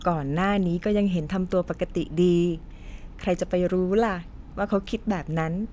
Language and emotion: Thai, neutral